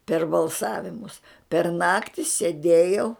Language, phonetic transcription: Lithuanian, per balˈsavimus per ˈnakti seˈdėjau

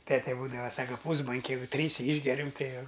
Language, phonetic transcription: Lithuanian, ˈtete ˈbūdava ˈsaka ˈpūsbonke ˈjeigu ˈtryse ˈyšgeriam ˈtai ˈjau

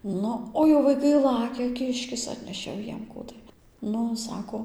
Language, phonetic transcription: Lithuanian, ˈnu o jau vaiˈkai ˈlakia ˈkiškis ˈatnešė jau ˈjiem ˈkų tai ˈnu ˈsako

